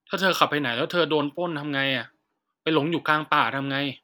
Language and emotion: Thai, frustrated